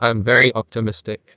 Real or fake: fake